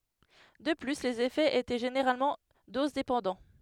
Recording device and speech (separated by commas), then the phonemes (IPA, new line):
headset microphone, read sentence
də ply lez efɛz etɛ ʒeneʁalmɑ̃ dozdepɑ̃dɑ̃